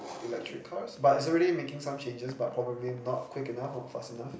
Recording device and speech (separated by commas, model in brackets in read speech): boundary microphone, conversation in the same room